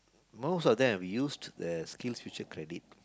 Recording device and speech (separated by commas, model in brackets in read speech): close-talking microphone, conversation in the same room